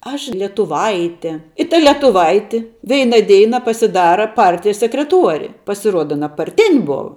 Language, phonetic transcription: Lithuanian, ˈaš lietuˈvaitė i ta lietuˈvaiti ˈveina ˈdeina pasiˈdara ˈpartijas sekreˈtuori pasiˈruoda aˈna parˈtin' ˈbova

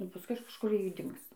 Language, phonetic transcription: Lithuanian, nu paˈskui kažˈkur ˈji ˈdings

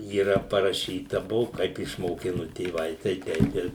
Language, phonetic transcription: Lithuanian, yˈra paraˈšyta ˈbuvu ˈkaip išmoˈkinu tėˈvai tai ˈteip ir

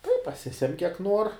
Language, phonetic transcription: Lithuanian, tai paˈsisem' kiek ˈnuor

